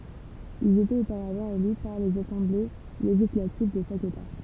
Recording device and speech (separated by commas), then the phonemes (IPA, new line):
temple vibration pickup, read sentence
ilz etɛt opaʁavɑ̃ ely paʁ lez asɑ̃ble leʒislativ də ʃak eta